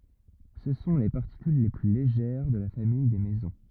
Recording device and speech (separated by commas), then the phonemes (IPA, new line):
rigid in-ear microphone, read sentence
sə sɔ̃ le paʁtikyl le ply leʒɛʁ də la famij de mezɔ̃